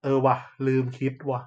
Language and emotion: Thai, neutral